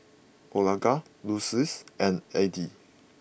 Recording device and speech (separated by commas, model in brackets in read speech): boundary microphone (BM630), read sentence